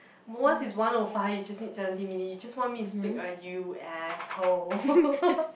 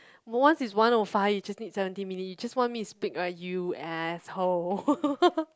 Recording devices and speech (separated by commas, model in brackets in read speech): boundary microphone, close-talking microphone, conversation in the same room